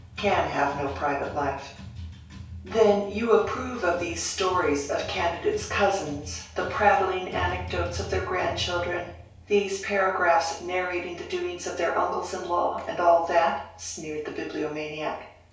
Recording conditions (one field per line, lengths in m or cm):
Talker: one person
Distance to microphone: 3.0 m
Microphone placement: far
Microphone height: 1.8 m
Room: small (3.7 m by 2.7 m)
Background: music